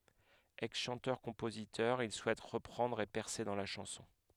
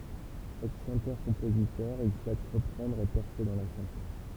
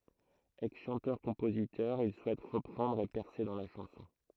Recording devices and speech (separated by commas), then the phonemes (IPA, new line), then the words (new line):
headset microphone, temple vibration pickup, throat microphone, read sentence
ɛksʃɑ̃tœʁkɔ̃pozitœʁ il suɛt ʁəpʁɑ̃dʁ e pɛʁse dɑ̃ la ʃɑ̃sɔ̃
Ex-chanteur-compositeur, il souhaite reprendre et percer dans la chanson.